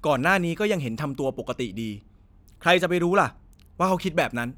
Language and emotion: Thai, angry